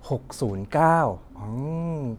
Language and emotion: Thai, neutral